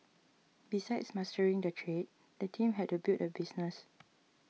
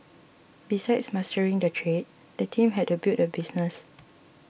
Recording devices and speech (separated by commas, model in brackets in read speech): mobile phone (iPhone 6), boundary microphone (BM630), read sentence